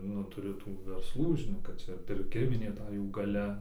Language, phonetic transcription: Lithuanian, ˈnu tuˈriu ˈtų versˈlų žiˈnok kad ˈčia pirˈkiminė ˈta ˈjų gaˈlia

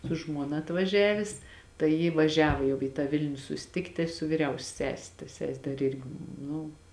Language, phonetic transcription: Lithuanian, su ˈžmuona atvaˈžiavės tai ˈji vaˈžiavo jau į tą ˈvilniu susiˈtikti su viˈriausia ˈsese ta ˈses' ˈdar ˈirgi ˈnu

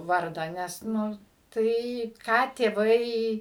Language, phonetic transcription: Lithuanian, ˈvardą ˈnes ˈnu ˈtai ką tėˈvai

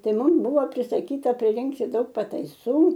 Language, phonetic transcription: Lithuanian, ˈtai ˈmum ˈbuvo prisaˈkyta priˈrinkti ˈdaug pataiˈsų

